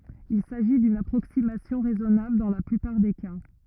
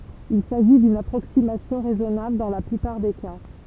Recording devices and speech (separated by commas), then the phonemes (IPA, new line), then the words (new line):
rigid in-ear microphone, temple vibration pickup, read sentence
il saʒi dyn apʁoksimasjɔ̃ ʁɛzɔnabl dɑ̃ la plypaʁ de ka
Il s'agit d'une approximation raisonnable dans la plupart des cas.